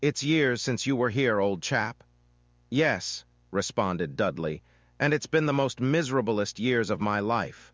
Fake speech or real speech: fake